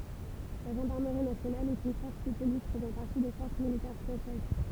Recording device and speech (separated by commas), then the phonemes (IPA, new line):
temple vibration pickup, read sentence
la ʒɑ̃daʁməʁi nasjonal ɛt yn fɔʁs də polis fəzɑ̃ paʁti de fɔʁs militɛʁ fʁɑ̃sɛz